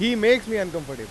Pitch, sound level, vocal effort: 215 Hz, 98 dB SPL, very loud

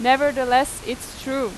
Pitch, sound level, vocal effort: 260 Hz, 92 dB SPL, loud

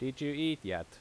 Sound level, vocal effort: 87 dB SPL, loud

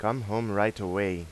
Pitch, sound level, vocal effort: 105 Hz, 88 dB SPL, normal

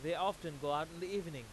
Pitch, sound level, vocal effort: 165 Hz, 99 dB SPL, very loud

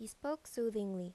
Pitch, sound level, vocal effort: 220 Hz, 83 dB SPL, normal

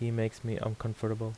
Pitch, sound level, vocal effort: 110 Hz, 79 dB SPL, soft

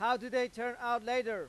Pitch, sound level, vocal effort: 245 Hz, 102 dB SPL, very loud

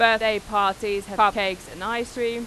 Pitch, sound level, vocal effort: 210 Hz, 96 dB SPL, very loud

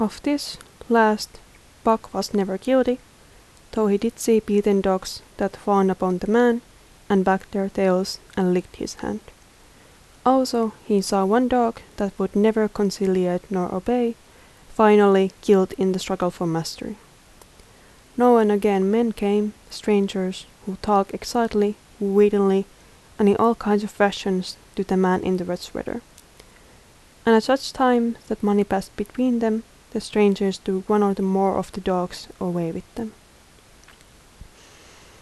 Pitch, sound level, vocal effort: 205 Hz, 77 dB SPL, soft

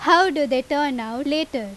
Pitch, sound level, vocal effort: 290 Hz, 91 dB SPL, very loud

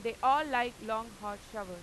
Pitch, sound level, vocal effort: 225 Hz, 100 dB SPL, very loud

